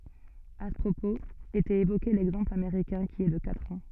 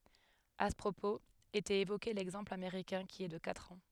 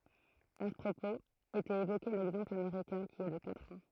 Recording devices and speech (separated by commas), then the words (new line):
soft in-ear microphone, headset microphone, throat microphone, read sentence
À ce propos était évoqué l'exemple américain qui est de quatre ans.